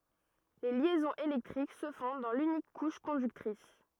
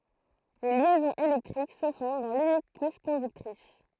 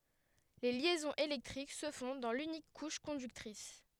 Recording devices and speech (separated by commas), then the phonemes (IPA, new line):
rigid in-ear microphone, throat microphone, headset microphone, read sentence
le ljɛzɔ̃z elɛktʁik sə fɔ̃ dɑ̃ lynik kuʃ kɔ̃dyktʁis